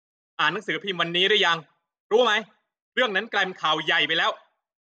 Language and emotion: Thai, angry